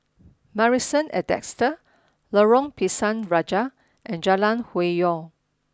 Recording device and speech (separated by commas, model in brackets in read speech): standing microphone (AKG C214), read sentence